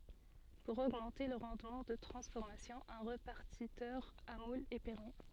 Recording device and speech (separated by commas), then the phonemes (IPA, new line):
soft in-ear microphone, read sentence
puʁ oɡmɑ̃te lə ʁɑ̃dmɑ̃ də tʁɑ̃sfɔʁmasjɔ̃ œ̃ ʁepaʁtitœʁ a mulz ɛ pɛʁmi